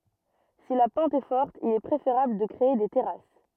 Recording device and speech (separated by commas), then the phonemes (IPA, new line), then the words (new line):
rigid in-ear microphone, read sentence
si la pɑ̃t ɛ fɔʁt il ɛ pʁefeʁabl də kʁee de tɛʁas
Si la pente est forte, il est préférable de créer des terrasses.